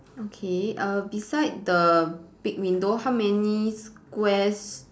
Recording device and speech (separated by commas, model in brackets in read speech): standing microphone, conversation in separate rooms